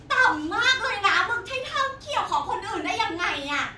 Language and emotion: Thai, angry